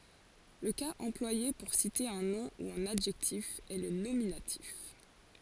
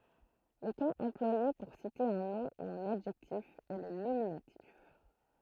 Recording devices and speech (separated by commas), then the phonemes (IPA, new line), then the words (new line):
forehead accelerometer, throat microphone, read sentence
lə kaz ɑ̃plwaje puʁ site œ̃ nɔ̃ u œ̃n adʒɛktif ɛ lə nominatif
Le cas employé pour citer un nom ou un adjectif est le nominatif.